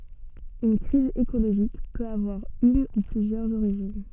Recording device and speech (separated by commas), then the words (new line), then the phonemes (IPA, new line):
soft in-ear microphone, read sentence
Une crise écologique peut avoir une ou plusieurs origines.
yn kʁiz ekoloʒik pøt avwaʁ yn u plyzjœʁz oʁiʒin